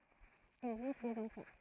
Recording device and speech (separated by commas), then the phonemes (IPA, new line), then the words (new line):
throat microphone, read sentence
ilz yʁ døz ɑ̃fɑ̃
Ils eurent deux enfants.